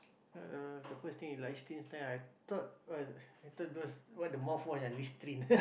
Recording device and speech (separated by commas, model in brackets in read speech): boundary microphone, conversation in the same room